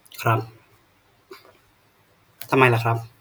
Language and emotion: Thai, frustrated